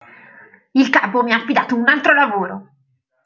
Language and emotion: Italian, angry